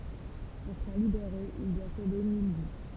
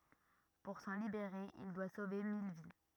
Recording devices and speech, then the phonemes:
temple vibration pickup, rigid in-ear microphone, read sentence
puʁ sɑ̃ libeʁe il dwa sove mil vi

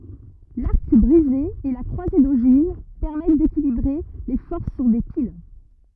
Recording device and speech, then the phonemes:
rigid in-ear microphone, read sentence
laʁk bʁize e la kʁwaze doʒiv pɛʁmɛt dekilibʁe le fɔʁs syʁ de pil

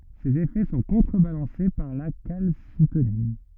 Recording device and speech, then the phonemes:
rigid in-ear microphone, read sentence
sez efɛ sɔ̃ kɔ̃tʁəbalɑ̃se paʁ la kalsitonin

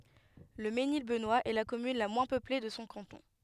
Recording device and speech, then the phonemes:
headset microphone, read sentence
lə menil bənwast ɛ la kɔmyn la mwɛ̃ pøple də sɔ̃ kɑ̃tɔ̃

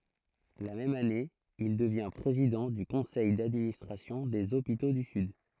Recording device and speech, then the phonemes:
throat microphone, read sentence
la mɛm ane il dəvjɛ̃ pʁezidɑ̃ dy kɔ̃sɛj dadministʁasjɔ̃ dez opito dy syd

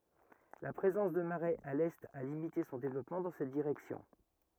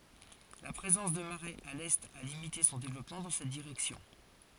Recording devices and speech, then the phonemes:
rigid in-ear microphone, forehead accelerometer, read sentence
la pʁezɑ̃s də maʁɛz a lɛt a limite sɔ̃ devlɔpmɑ̃ dɑ̃ sɛt diʁɛksjɔ̃

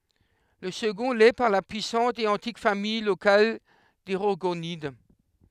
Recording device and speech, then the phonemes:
headset microphone, read sentence
lə səɡɔ̃ lɛ paʁ la pyisɑ̃t e ɑ̃tik famij lokal de ʁɔʁɡonid

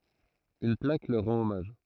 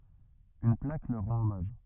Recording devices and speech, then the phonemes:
throat microphone, rigid in-ear microphone, read sentence
yn plak lœʁ ʁɑ̃t ɔmaʒ

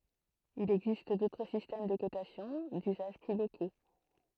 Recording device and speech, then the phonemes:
throat microphone, read sentence
il ɛɡzist dotʁ sistɛm də kotasjɔ̃ dyzaʒ ply loko

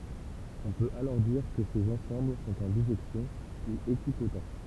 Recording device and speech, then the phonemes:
temple vibration pickup, read sentence
ɔ̃ pøt alɔʁ diʁ kə sez ɑ̃sɑ̃bl sɔ̃t ɑ̃ biʒɛksjɔ̃ u ekipot

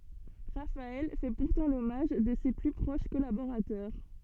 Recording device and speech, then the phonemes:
soft in-ear microphone, read sentence
ʁafaɛl fɛ puʁtɑ̃ lɔmaʒ də se ply pʁoʃ kɔlaboʁatœʁ

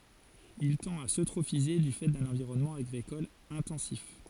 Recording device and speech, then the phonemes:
forehead accelerometer, read sentence
il tɑ̃t a søtʁofize dy fɛ dœ̃n ɑ̃viʁɔnmɑ̃ aɡʁikɔl ɛ̃tɑ̃sif

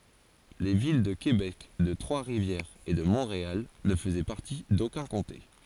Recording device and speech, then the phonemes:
forehead accelerometer, read sentence
le vil də kebɛk də tʁwasʁivjɛʁz e də mɔ̃ʁeal nə fəzɛ paʁti dokœ̃ kɔ̃te

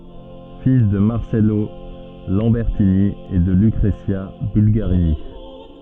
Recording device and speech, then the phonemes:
soft in-ear microphone, read sentence
fil də maʁsɛlo lɑ̃bɛʁtini e də lykʁəzja bylɡaʁini

